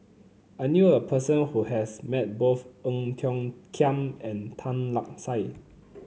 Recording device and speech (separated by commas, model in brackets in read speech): mobile phone (Samsung C9), read sentence